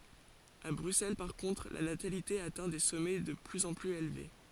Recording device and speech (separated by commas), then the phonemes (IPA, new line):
forehead accelerometer, read sentence
a bʁyksɛl paʁ kɔ̃tʁ la natalite atɛ̃ de sɔmɛ də plyz ɑ̃ plyz elve